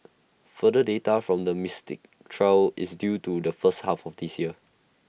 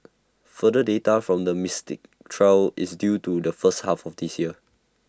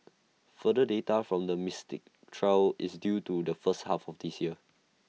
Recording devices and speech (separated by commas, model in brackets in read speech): boundary microphone (BM630), standing microphone (AKG C214), mobile phone (iPhone 6), read sentence